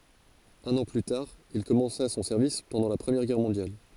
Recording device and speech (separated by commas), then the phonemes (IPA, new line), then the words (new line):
forehead accelerometer, read sentence
œ̃n ɑ̃ ply taʁ il kɔmɑ̃sa sɔ̃ sɛʁvis pɑ̃dɑ̃ la pʁəmjɛʁ ɡɛʁ mɔ̃djal
Un an plus tard, il commença son service pendant la Première Guerre mondiale.